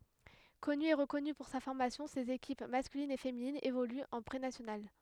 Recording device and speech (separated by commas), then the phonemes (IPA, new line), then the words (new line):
headset microphone, read sentence
kɔny e ʁəkɔny puʁ sa fɔʁmasjɔ̃ sez ekip maskylin e feminin evolyt ɑ̃ pʁenasjonal
Connu et reconnu pour sa formation ses équipes masculine et féminine évoluent en Prénationale.